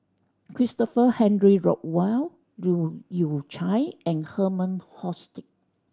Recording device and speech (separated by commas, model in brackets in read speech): standing microphone (AKG C214), read sentence